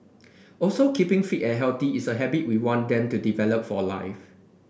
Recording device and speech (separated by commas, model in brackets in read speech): boundary microphone (BM630), read sentence